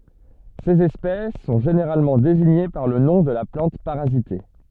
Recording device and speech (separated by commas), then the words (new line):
soft in-ear microphone, read sentence
Ces espèces sont généralement désignées par le nom de la plante parasitée.